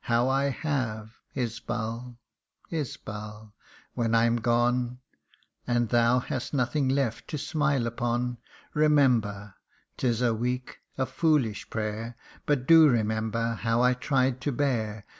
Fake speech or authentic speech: authentic